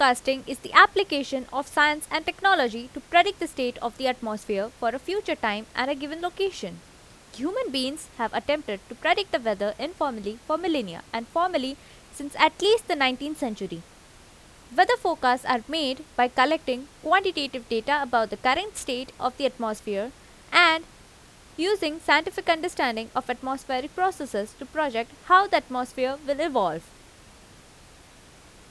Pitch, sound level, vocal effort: 270 Hz, 88 dB SPL, loud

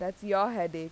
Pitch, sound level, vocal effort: 190 Hz, 90 dB SPL, loud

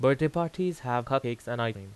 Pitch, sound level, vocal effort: 125 Hz, 89 dB SPL, loud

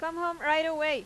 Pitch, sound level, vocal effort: 320 Hz, 95 dB SPL, very loud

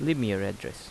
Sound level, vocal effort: 82 dB SPL, normal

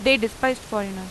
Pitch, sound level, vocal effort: 225 Hz, 89 dB SPL, loud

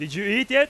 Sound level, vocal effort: 104 dB SPL, very loud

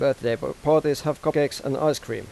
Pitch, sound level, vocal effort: 145 Hz, 89 dB SPL, normal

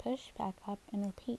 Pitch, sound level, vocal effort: 205 Hz, 73 dB SPL, soft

